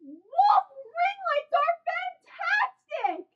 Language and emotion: English, happy